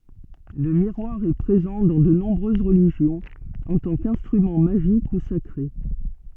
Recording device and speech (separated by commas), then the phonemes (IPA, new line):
soft in-ear microphone, read sentence
lə miʁwaʁ ɛ pʁezɑ̃ dɑ̃ də nɔ̃bʁøz ʁəliʒjɔ̃z ɑ̃ tɑ̃ kɛ̃stʁymɑ̃ maʒik u sakʁe